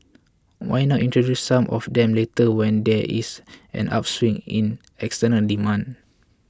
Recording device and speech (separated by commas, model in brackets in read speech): close-talking microphone (WH20), read sentence